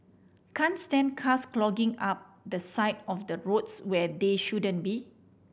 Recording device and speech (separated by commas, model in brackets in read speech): boundary microphone (BM630), read sentence